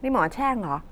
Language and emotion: Thai, frustrated